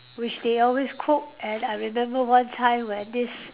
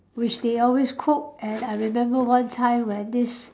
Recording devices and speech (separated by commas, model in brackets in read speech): telephone, standing microphone, conversation in separate rooms